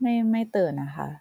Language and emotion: Thai, neutral